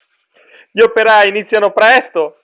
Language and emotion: Italian, fearful